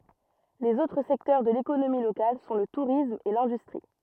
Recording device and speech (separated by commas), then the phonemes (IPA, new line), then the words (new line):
rigid in-ear microphone, read sentence
lez otʁ sɛktœʁ də lekonomi lokal sɔ̃ lə tuʁism e lɛ̃dystʁi
Les autres secteurs de l'économie locale sont le tourisme et l'industrie.